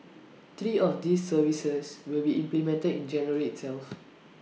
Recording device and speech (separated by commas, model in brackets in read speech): mobile phone (iPhone 6), read sentence